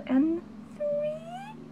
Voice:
high pitched